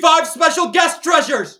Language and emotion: English, disgusted